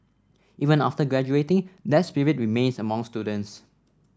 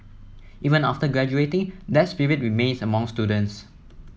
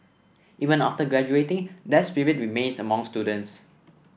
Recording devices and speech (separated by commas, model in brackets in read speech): standing microphone (AKG C214), mobile phone (iPhone 7), boundary microphone (BM630), read sentence